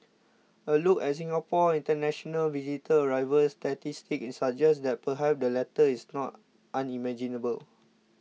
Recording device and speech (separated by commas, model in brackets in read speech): mobile phone (iPhone 6), read sentence